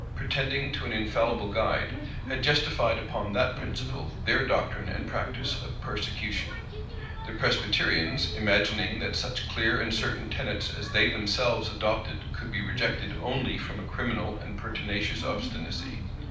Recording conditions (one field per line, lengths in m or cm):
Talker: one person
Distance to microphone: 5.8 m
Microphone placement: far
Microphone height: 1.8 m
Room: medium-sized (5.7 m by 4.0 m)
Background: television